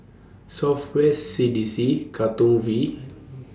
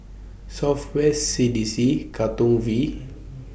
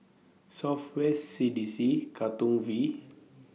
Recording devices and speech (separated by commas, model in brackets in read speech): standing microphone (AKG C214), boundary microphone (BM630), mobile phone (iPhone 6), read sentence